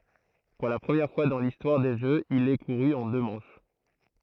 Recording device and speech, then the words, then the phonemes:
throat microphone, read sentence
Pour la première fois dans l'histoire des Jeux, il est couru en deux manches.
puʁ la pʁəmjɛʁ fwa dɑ̃ listwaʁ de ʒøz il ɛ kuʁy ɑ̃ dø mɑ̃ʃ

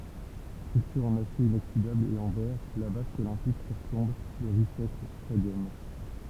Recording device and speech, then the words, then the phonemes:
temple vibration pickup, read sentence
Structure en acier inoxydable et en verre, la vasque olympique surplombe le Rice-Eccles Stadium.
stʁyktyʁ ɑ̃n asje inoksidabl e ɑ̃ vɛʁ la vask olɛ̃pik syʁplɔ̃b lə ʁis ɛklɛs stadjɔm

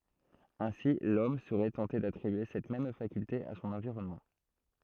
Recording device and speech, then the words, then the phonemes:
throat microphone, read sentence
Ainsi l'homme serait tenté d'attribuer cette même faculté à son environnement.
ɛ̃si lɔm səʁɛ tɑ̃te datʁibye sɛt mɛm fakylte a sɔ̃n ɑ̃viʁɔnmɑ̃

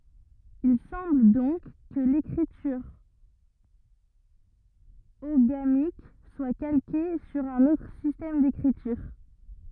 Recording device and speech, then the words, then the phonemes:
rigid in-ear microphone, read sentence
Il semble donc que l'écriture oghamique soit calquée sur un autre système d'écriture.
il sɑ̃bl dɔ̃k kə lekʁityʁ oɡamik swa kalke syʁ œ̃n otʁ sistɛm dekʁityʁ

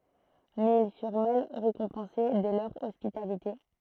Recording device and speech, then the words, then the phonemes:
throat microphone, read sentence
Mais ils furent mal récompensés de leur hospitalité.
mɛz il fyʁ mal ʁekɔ̃pɑ̃se də lœʁ ɔspitalite

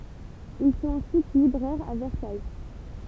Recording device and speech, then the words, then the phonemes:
temple vibration pickup, read sentence
Ils sont ensuite libraires à Versailles.
il sɔ̃t ɑ̃syit libʁɛʁz a vɛʁsaj

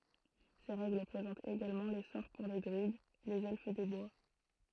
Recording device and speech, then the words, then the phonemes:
throat microphone, read sentence
Ces règles présentent également les sorts pour les druides, les Elfes des bois.
se ʁɛɡl pʁezɑ̃tt eɡalmɑ̃ le sɔʁ puʁ le dʁyid lez ɛlf de bwa

